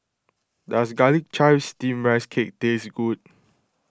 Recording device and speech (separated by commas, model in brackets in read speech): close-talking microphone (WH20), read sentence